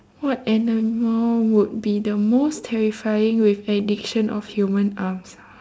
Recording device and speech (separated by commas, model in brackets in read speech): standing microphone, conversation in separate rooms